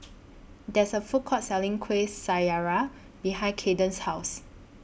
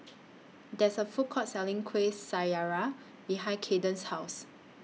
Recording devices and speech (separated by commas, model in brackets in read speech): boundary microphone (BM630), mobile phone (iPhone 6), read sentence